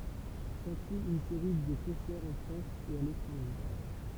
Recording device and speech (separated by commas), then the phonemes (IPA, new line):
temple vibration pickup, read sentence
sɑ̃syi yn seʁi də kɔ̃sɛʁz ɑ̃ fʁɑ̃s e a letʁɑ̃ʒe